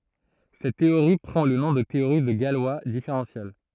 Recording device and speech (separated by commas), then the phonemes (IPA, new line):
throat microphone, read sentence
sɛt teoʁi pʁɑ̃ lə nɔ̃ də teoʁi də ɡalwa difeʁɑ̃sjɛl